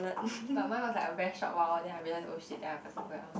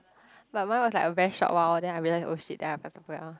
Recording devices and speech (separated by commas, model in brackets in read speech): boundary microphone, close-talking microphone, conversation in the same room